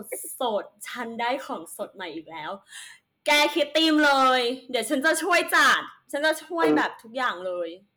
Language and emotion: Thai, happy